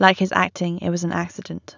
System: none